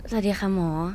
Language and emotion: Thai, neutral